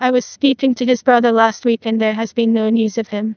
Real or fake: fake